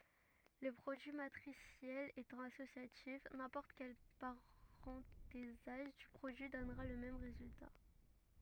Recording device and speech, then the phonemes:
rigid in-ear microphone, read sentence
lə pʁodyi matʁisjɛl etɑ̃ asosjatif nɛ̃pɔʁt kɛl paʁɑ̃tezaʒ dy pʁodyi dɔnʁa lə mɛm ʁezylta

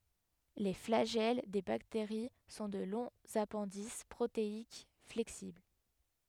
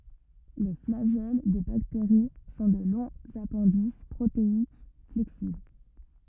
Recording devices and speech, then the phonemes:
headset microphone, rigid in-ear microphone, read sentence
le flaʒɛl de bakteʁi sɔ̃ də lɔ̃z apɛ̃dis pʁoteik flɛksibl

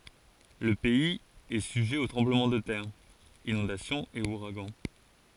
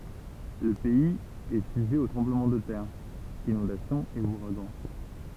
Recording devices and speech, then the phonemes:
forehead accelerometer, temple vibration pickup, read sentence
lə pɛiz ɛ syʒɛ o tʁɑ̃bləmɑ̃ də tɛʁ inɔ̃dasjɔ̃z e uʁaɡɑ̃

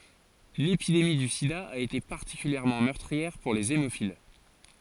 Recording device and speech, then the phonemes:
forehead accelerometer, read sentence
lepidemi dy sida a ete paʁtikyljɛʁmɑ̃ mœʁtʁiɛʁ puʁ lez emofil

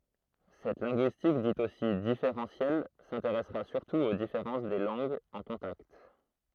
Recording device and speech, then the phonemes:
throat microphone, read sentence
sɛt lɛ̃ɡyistik dit osi difeʁɑ̃sjɛl sɛ̃teʁɛsʁa syʁtu o difeʁɑ̃s de lɑ̃ɡz ɑ̃ kɔ̃takt

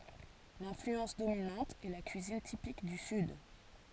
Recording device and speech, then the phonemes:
forehead accelerometer, read sentence
lɛ̃flyɑ̃s dominɑ̃t ɛ la kyizin tipik dy syd

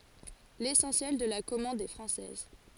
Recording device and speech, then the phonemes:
forehead accelerometer, read sentence
lesɑ̃sjɛl də la kɔmɑ̃d ɛ fʁɑ̃sɛz

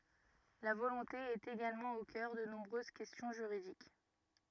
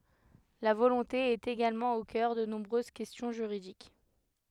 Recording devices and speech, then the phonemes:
rigid in-ear microphone, headset microphone, read sentence
la volɔ̃te ɛt eɡalmɑ̃ o kœʁ də nɔ̃bʁøz kɛstjɔ̃ ʒyʁidik

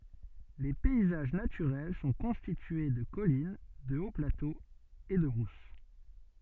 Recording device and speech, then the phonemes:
soft in-ear microphone, read sentence
le pɛizaʒ natyʁɛl sɔ̃ kɔ̃stitye də kɔlin də oplatoz e də bʁus

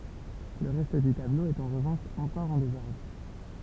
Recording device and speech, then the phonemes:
temple vibration pickup, read sentence
lə ʁɛst dy tablo ɛt ɑ̃ ʁəvɑ̃ʃ ɑ̃kɔʁ ɑ̃ dezɔʁdʁ

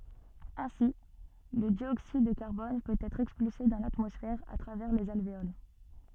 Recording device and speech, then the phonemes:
soft in-ear microphone, read sentence
ɛ̃si lə djoksid də kaʁbɔn pøt ɛtʁ ɛkspylse dɑ̃ latmɔsfɛʁ a tʁavɛʁ lez alveol

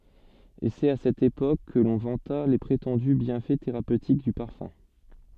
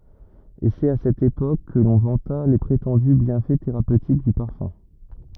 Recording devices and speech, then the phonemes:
soft in-ear microphone, rigid in-ear microphone, read sentence
e sɛt a sɛt epok kə lɔ̃ vɑ̃ta le pʁetɑ̃dy bjɛ̃fɛ teʁapøtik dy paʁfœ̃

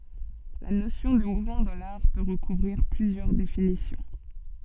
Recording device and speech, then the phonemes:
soft in-ear microphone, read sentence
la nosjɔ̃ də muvmɑ̃ dɑ̃ laʁ pø ʁəkuvʁiʁ plyzjœʁ definisjɔ̃

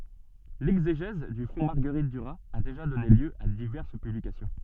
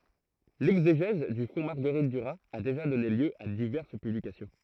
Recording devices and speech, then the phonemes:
soft in-ear microphone, throat microphone, read sentence
lɛɡzeʒɛz dy fɔ̃ maʁɡəʁit dyʁaz a deʒa dɔne ljø a divɛʁs pyblikasjɔ̃

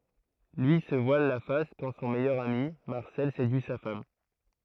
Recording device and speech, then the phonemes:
throat microphone, read sentence
lyi sə vwal la fas kɑ̃ sɔ̃ mɛjœʁ ami maʁsɛl sedyi sa fam

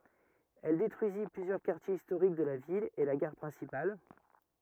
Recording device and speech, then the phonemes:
rigid in-ear microphone, read sentence
ɛl detʁyizi plyzjœʁ kaʁtjez istoʁik də la vil e la ɡaʁ pʁɛ̃sipal

